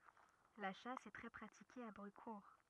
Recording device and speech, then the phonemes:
rigid in-ear microphone, read sentence
la ʃas ɛ tʁɛ pʁatike a bʁykuʁ

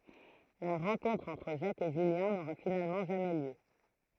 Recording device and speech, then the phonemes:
throat microphone, read sentence
la ʁɑ̃kɔ̃tʁ ɑ̃tʁ ʒak e ʒyljɛ̃ noʁa finalmɑ̃ ʒamɛ ljø

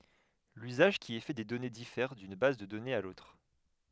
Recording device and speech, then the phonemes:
headset microphone, read sentence
lyzaʒ ki ɛ fɛ de dɔne difɛʁ dyn baz də dɔnez a lotʁ

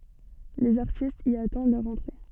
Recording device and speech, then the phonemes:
soft in-ear microphone, read sentence
lez aʁtistz i atɑ̃d lœʁ ɑ̃tʁe

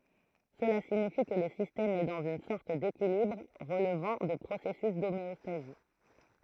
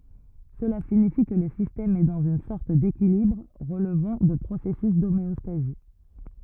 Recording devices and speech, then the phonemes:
throat microphone, rigid in-ear microphone, read sentence
səla siɲifi kə lə sistɛm ɛ dɑ̃z yn sɔʁt dekilibʁ ʁəlvɑ̃ də pʁosɛsys domeɔstazi

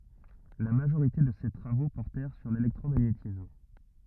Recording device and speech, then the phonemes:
rigid in-ear microphone, read sentence
la maʒoʁite də se tʁavo pɔʁtɛʁ syʁ lelɛktʁomaɲetism

